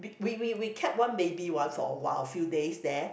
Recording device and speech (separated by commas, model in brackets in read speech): boundary microphone, conversation in the same room